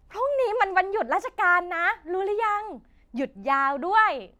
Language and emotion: Thai, happy